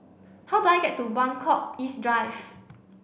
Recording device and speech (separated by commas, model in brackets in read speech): boundary microphone (BM630), read sentence